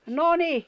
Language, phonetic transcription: Finnish, no 'ni .
- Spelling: no niin

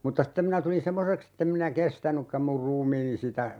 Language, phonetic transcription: Finnish, mutta 'stem minä tulin "semmoseks ‿ettem minä "kestänykkäm mur 'ruumiini sitä , .
- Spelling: mutta sitten minä tulin semmoiseksi että en minä kestänytkään minun ruumiini sitä

